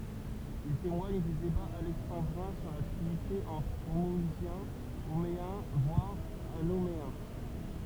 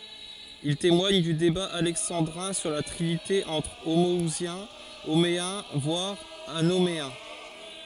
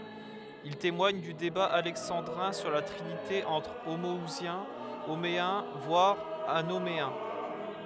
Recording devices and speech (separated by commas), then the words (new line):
temple vibration pickup, forehead accelerometer, headset microphone, read sentence
Il témoigne du débat alexandrin sur la trinité entre homo-ousiens, homéens voire anoméens.